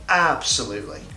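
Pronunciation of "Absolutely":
In 'absolutely', extra stress falls on the first syllable, giving the word added emphasis.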